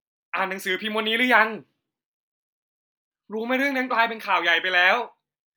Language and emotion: Thai, happy